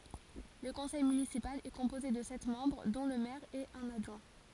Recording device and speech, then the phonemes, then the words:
forehead accelerometer, read sentence
lə kɔ̃sɛj mynisipal ɛ kɔ̃poze də sɛt mɑ̃bʁ dɔ̃ lə mɛʁ e œ̃n adʒwɛ̃
Le conseil municipal est composé de sept membres dont le maire et un adjoint.

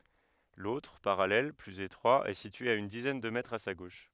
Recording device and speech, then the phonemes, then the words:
headset microphone, read sentence
lotʁ paʁalɛl plyz etʁwa ɛ sitye a yn dizɛn də mɛtʁz a sa ɡoʃ
L'autre, parallèle, plus étroit, est situé à une dizaine de mètres à sa gauche.

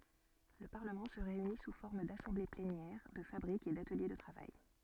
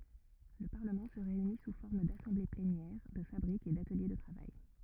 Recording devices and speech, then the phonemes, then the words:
soft in-ear microphone, rigid in-ear microphone, read sentence
lə paʁləmɑ̃ sə ʁeyni su fɔʁm dasɑ̃ble plenjɛʁ də fabʁikz e datəlje də tʁavaj
Le Parlement se réunit sous forme d’assemblées plénières, de fabriques et d’ateliers de travail.

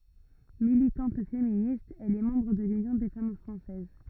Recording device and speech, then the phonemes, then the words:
rigid in-ear microphone, read sentence
militɑ̃t feminist ɛl ɛ mɑ̃bʁ də lynjɔ̃ de fam fʁɑ̃sɛz
Militante féministe, elle est membre de l'Union des Femmes Françaises.

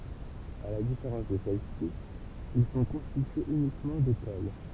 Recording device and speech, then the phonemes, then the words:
temple vibration pickup, read sentence
a la difeʁɑ̃s də sɛlɛsi il sɔ̃ kɔ̃stityez ynikmɑ̃ dekol
À la différence de celles-ci, ils sont constitués uniquement d'écoles.

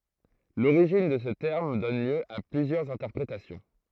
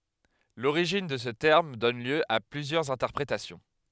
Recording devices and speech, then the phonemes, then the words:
throat microphone, headset microphone, read sentence
loʁiʒin də sə tɛʁm dɔn ljø a plyzjœʁz ɛ̃tɛʁpʁetasjɔ̃
L’origine de ce terme donne lieu à plusieurs interprétations.

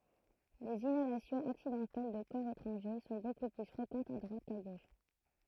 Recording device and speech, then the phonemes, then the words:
throat microphone, read sentence
lez inalasjɔ̃z aksidɑ̃tɛl də kɔʁ etʁɑ̃ʒe sɔ̃ boku ply fʁekɑ̃tz a dʁwat ka ɡoʃ
Les inhalations accidentelles de corps étrangers sont beaucoup plus fréquentes à droite qu'à gauche.

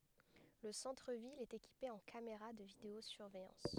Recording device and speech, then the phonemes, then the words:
headset microphone, read sentence
lə sɑ̃tʁ vil ɛt ekipe ɑ̃ kameʁa də video syʁvɛjɑ̃s
Le centre-ville est équipé en caméras de vidéo-surveillance.

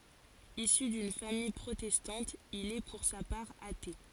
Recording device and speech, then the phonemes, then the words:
forehead accelerometer, read sentence
isy dyn famij pʁotɛstɑ̃t il ɛ puʁ sa paʁ ate
Issu d'une famille protestante, il est pour sa part athée.

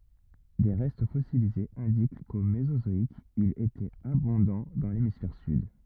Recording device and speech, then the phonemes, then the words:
rigid in-ear microphone, read sentence
de ʁɛst fɔsilizez ɛ̃dik ko mezozɔik il etɛt abɔ̃dɑ̃ dɑ̃ lemisfɛʁ syd
Des restes fossilisés indiquent qu'au mésozoïque il était abondant dans l'hémisphère sud.

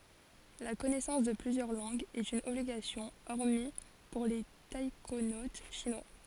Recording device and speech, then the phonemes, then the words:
forehead accelerometer, read sentence
la kɔnɛsɑ̃s də plyzjœʁ lɑ̃ɡz ɛt yn ɔbliɡasjɔ̃ ɔʁmi puʁ le taikonot ʃinwa
La connaissance de plusieurs langues est une obligation hormis pour les taïkonautes chinois.

